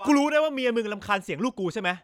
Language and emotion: Thai, angry